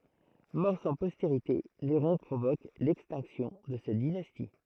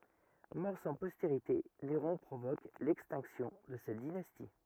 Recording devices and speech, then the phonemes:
throat microphone, rigid in-ear microphone, read sentence
mɔʁ sɑ̃ pɔsteʁite neʁɔ̃ pʁovok lɛkstɛ̃ksjɔ̃ də sɛt dinasti

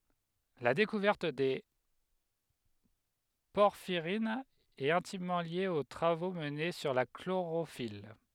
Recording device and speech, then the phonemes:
headset microphone, read sentence
la dekuvɛʁt de pɔʁfiʁinz ɛt ɛ̃timmɑ̃ lje o tʁavo məne syʁ la kloʁofil

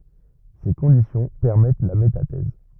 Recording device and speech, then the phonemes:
rigid in-ear microphone, read sentence
se kɔ̃disjɔ̃ pɛʁmɛt la metatɛz

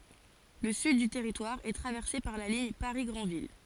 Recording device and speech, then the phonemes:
forehead accelerometer, read sentence
lə syd dy tɛʁitwaʁ ɛ tʁavɛʁse paʁ la liɲ paʁi ɡʁɑ̃vil

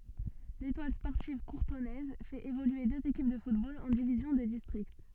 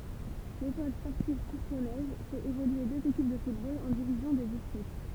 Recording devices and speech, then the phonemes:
soft in-ear microphone, temple vibration pickup, read sentence
letwal spɔʁtiv kuʁtɔnɛz fɛt evolye døz ekip də futbol ɑ̃ divizjɔ̃ də distʁikt

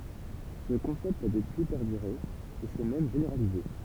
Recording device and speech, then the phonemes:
temple vibration pickup, read sentence
sə kɔ̃sɛpt a dəpyi pɛʁdyʁe e sɛ mɛm ʒeneʁalize

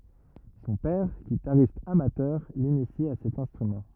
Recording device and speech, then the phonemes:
rigid in-ear microphone, read sentence
sɔ̃ pɛʁ ɡitaʁist amatœʁ linisi a sɛt ɛ̃stʁymɑ̃

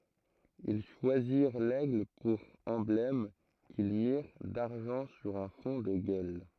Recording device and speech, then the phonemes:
throat microphone, read sentence
il ʃwaziʁ lɛɡl puʁ ɑ̃blɛm kil miʁ daʁʒɑ̃ syʁ œ̃ fɔ̃ də ɡœl

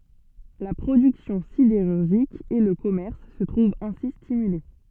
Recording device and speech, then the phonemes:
soft in-ear microphone, read sentence
la pʁodyksjɔ̃ sideʁyʁʒik e lə kɔmɛʁs sə tʁuvt ɛ̃si stimyle

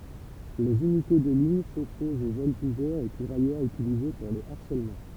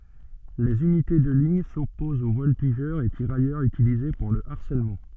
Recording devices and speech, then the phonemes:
temple vibration pickup, soft in-ear microphone, read sentence
lez ynite də liɲ sɔpozt o vɔltiʒœʁz e tiʁajœʁz ytilize puʁ lə aʁsɛlmɑ̃

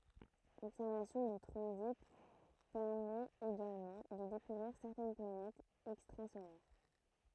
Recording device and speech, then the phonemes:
throat microphone, read sentence
lɔbsɛʁvasjɔ̃ də tʁɑ̃zit pɛʁmɛt eɡalmɑ̃ də dekuvʁiʁ sɛʁtɛn planɛtz ɛkstʁazolɛʁ

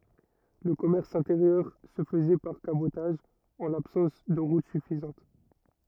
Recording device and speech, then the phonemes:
rigid in-ear microphone, read sentence
lə kɔmɛʁs ɛ̃teʁjœʁ sə fəzɛ paʁ kabotaʒ ɑ̃ labsɑ̃s də ʁut syfizɑ̃t

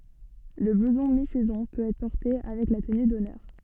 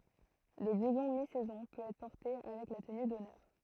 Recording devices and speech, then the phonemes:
soft in-ear microphone, throat microphone, read sentence
lə bluzɔ̃ mi sɛzɔ̃ pøt ɛtʁ pɔʁte avɛk la təny dɔnœʁ

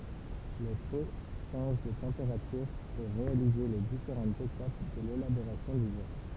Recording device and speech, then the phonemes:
temple vibration pickup, read sentence
le po ʃɑ̃ʒ də tɑ̃peʁatyʁ puʁ ʁealize le difeʁɑ̃tz etap də lelaboʁasjɔ̃ dy vɛʁ

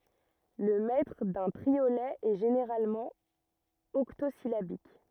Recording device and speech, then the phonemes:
rigid in-ear microphone, read sentence
lə mɛtʁ dœ̃ tʁiolɛ ɛ ʒeneʁalmɑ̃ ɔktozilabik

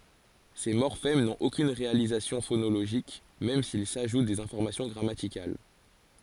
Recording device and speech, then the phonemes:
forehead accelerometer, read sentence
se mɔʁfɛm nɔ̃t okyn ʁealizasjɔ̃ fonoloʒik mɛm silz aʒut dez ɛ̃fɔʁmasjɔ̃ ɡʁamatikal

